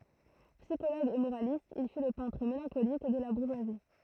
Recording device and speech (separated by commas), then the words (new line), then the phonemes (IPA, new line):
throat microphone, read sentence
Psychologue et moraliste, il fut le peintre mélancolique de la bourgeoisie.
psikoloɡ e moʁalist il fy lə pɛ̃tʁ melɑ̃kolik də la buʁʒwazi